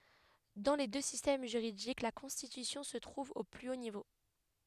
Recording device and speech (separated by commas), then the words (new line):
headset microphone, read sentence
Dans les deux systèmes juridiques, la Constitution se trouve au plus haut niveau.